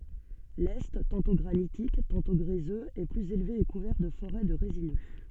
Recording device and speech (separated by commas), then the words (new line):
soft in-ear microphone, read sentence
L'est, tantôt granitique, tantôt gréseux, est plus élevé et couvert de forêts de résineux.